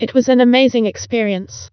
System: TTS, vocoder